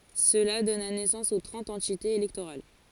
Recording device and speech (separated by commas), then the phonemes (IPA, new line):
forehead accelerometer, read sentence
səla dɔna nɛsɑ̃s o tʁɑ̃t ɑ̃titez elɛktoʁal